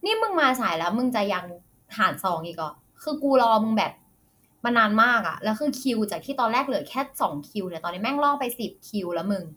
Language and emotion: Thai, frustrated